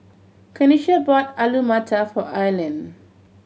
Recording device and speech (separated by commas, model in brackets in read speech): mobile phone (Samsung C7100), read sentence